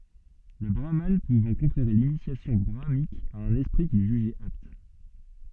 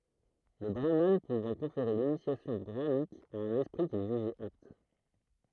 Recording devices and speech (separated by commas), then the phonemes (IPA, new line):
soft in-ear microphone, throat microphone, read sentence
lə bʁaman puvɑ̃ kɔ̃feʁe linisjasjɔ̃ bʁamanik a œ̃n ɛspʁi kil ʒyʒɛt apt